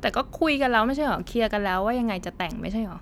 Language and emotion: Thai, frustrated